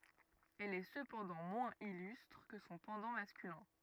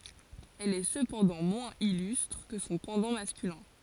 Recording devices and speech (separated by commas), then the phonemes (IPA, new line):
rigid in-ear microphone, forehead accelerometer, read sentence
ɛl ɛ səpɑ̃dɑ̃ mwɛ̃z ilystʁ kə sɔ̃ pɑ̃dɑ̃ maskylɛ̃